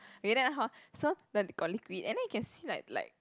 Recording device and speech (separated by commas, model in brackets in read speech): close-talking microphone, conversation in the same room